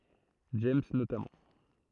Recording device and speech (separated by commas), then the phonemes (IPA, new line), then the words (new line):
throat microphone, read sentence
dʒɛmz notamɑ̃
James notamment.